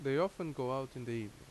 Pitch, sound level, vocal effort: 130 Hz, 84 dB SPL, normal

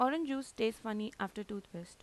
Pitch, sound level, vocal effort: 220 Hz, 86 dB SPL, normal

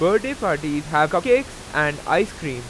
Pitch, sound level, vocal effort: 150 Hz, 95 dB SPL, very loud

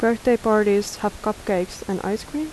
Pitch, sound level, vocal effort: 215 Hz, 80 dB SPL, soft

